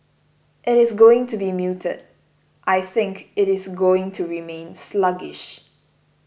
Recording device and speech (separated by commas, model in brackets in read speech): boundary microphone (BM630), read sentence